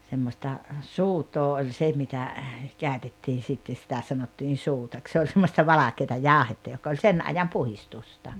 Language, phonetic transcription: Finnish, semmosta , "suut̀oo oĺ 'se mitä , 'kä̀ötettiin̬ sitte sⁱtä 'sanottiin̬ 'suutak se oĺ 'semmosta "valakeeta "jàohetta jok oĺ "sen 'ajam "puhistusta .
- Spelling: semmoista soodaa oli se mitä käytettiin sitten sitä sanottiin soodaksi se oli semmoista valkeata jauhetta joka oli sen ajan puhdistusta

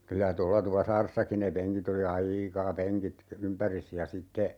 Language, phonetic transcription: Finnish, 'kylä 'tolla "Tupasaaressaki ne 'peŋkit ‿oli "a₍iika 'peŋkit , 'ympäris ja 'sitte , .
- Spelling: kyllä tuolla Tupasaaressakin ne penkit oli aika penkit ympäri ja sitten

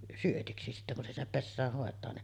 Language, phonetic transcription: Finnish, 'syötiksi sittä kun se sinnep "pessääh 'hòet̀aa ne .
- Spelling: syötiksi sitten kun se sinne pesään hoitaa ne

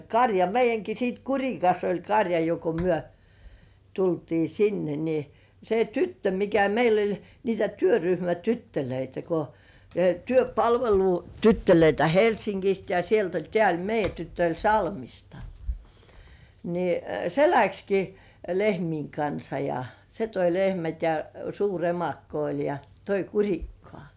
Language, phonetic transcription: Finnish, kaŕja meij̆jäŋki sit "Kuŕikas oĺ 'kaŕja jo ko 'myö tultii sinne ni , se "tyttö mikä 'meil ‿oĺ , 'niitä 'työryhmä"tyttölöitä ko , 'työpalvelu"tyttölöitä 'Helsiŋkist ja sielt ‿oĺ 'tĕä̀ oĺ 'meij̆jä tyttö oĺ "Salmista , ni , 'se "läkski , 'lehmiiŋ kansa ja , 'se toi "lehmät ja , 'suur "emakko oĺ ja , 'toi "Kuŕikkŏà .
- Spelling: karja meidänkin sitten Kurikassa oli karja jo kun me tultiin sinne niin se tyttö mikä meillä oli niitä työryhmätyttöjä kun työpalvelutyttöjä Helsingistä ja sieltä oli tämä oli meidän tyttö oli Salmista niin se lähtikin lehmien kanssa ja se toi lehmät ja suuri emakko oli ja toi Kurikkaan

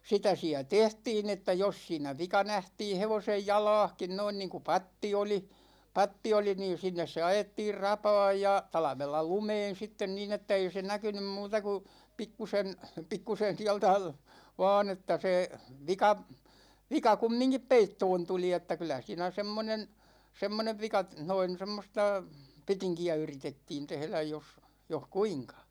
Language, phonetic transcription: Finnish, 'sitä 'siä "tehtiin ‿että 'jos siinä 'vika 'nähtiin̬ 'hevosej "jala̭a̭hkin 'noin niiŋku "patti oli , 'patti oli niin̬ 'sinnes se 'ajettiir "rapa̭a̭j ja , 'talᵃvella "lumeen̬ 'sitten niin ‿että ei se "näkynym 'muuta ku , 'pikkusen , 'pikkusen (siältä) , 'va̭a̭n ‿että se , 'vika , 'vika "kummiŋkip 'peittoon 'tuli että 'kylä siinä 'semmonen , 'semmonev 'vika , 'noin̬ 'semmosta , 'petiŋki₍ä 'yritettiin 'tehläj jos , 'joh "kuiŋka .
- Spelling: sitä siellä tehtiin että jos siinä vika nähtiin hevosen jalassakin noin niin kuin patti oli patti oli niin sinne se ajettiin rapaan ja talvella lumeen sitten niin että ei se näkynyt muuta kuin pikkuisen pikkuisen sieltä vain että se vika vika kumminkin peittoon tuli että kyllä siinä semmoinen semmoinen vika noin semmoista petinkiä yritettiin tehdä jos jos kuinka

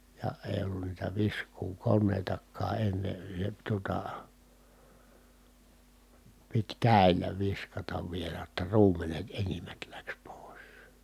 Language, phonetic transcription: Finnish, ja èi̮ ollu(nna) niitä visk̀uukonnèitak̆kaa enne , se tuota , pit kä̀i̮l̀ä viskatav vielä ʲotta ruum̀enet enimmät läks pòi̮s .
- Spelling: ja ei ollut niitä viskuukoneitakaan ennen se tuota piti käsillä viskata vielä jotta ruumenet enimmät lähti pois

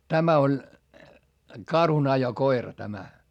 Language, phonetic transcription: Finnish, tämä oĺ , karhunajokoira tämä .
- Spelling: tämä oli karhunajokoira tämä

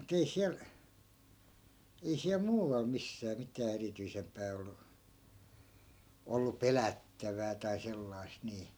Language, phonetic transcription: Finnish, mu't ‿ei 'siäl , ei siäl "muuᵛal 'missää mitää 'erityisempää ollu , ollu "pelättävää tai 'sellai̮st nii .
- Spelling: mutta ei siellä ei siellä muualla missään mitään erityisempää ollut ollut pelättävää tai sellaista niin

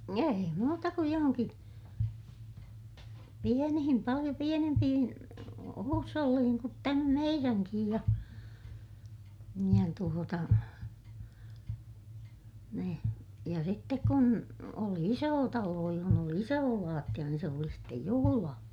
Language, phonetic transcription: Finnish, ei muuta kuj johoŋki , pienihim paliʲo pienempihin , huusholliihiŋ kut tämä meiräŋkij ja , ja tuota , ni , ja sittek kun , oli isoo taloo johon ‿oli isoo laattiʲa niin se oli sittej juhulaa .
- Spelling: ei muuta kuin johonkin pieniin paljon pienempiin huusholleihin kuin tämä meidänkin ja ja tuota niin ja sitten kun oli iso talo jossa oli iso lattia niin se oli sitten juhlaa

